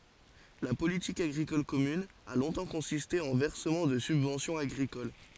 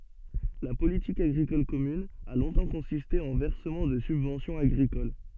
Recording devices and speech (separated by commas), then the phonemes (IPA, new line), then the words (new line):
forehead accelerometer, soft in-ear microphone, read sentence
la politik aɡʁikɔl kɔmyn a lɔ̃tɑ̃ kɔ̃siste ɑ̃ vɛʁsəmɑ̃ də sybvɑ̃sjɔ̃z aɡʁikol
La politique agricole commune a longtemps consisté en versement de subventions agricoles.